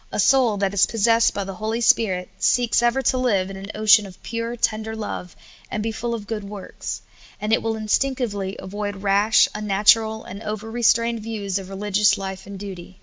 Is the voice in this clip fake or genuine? genuine